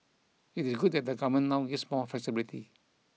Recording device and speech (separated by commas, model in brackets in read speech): mobile phone (iPhone 6), read sentence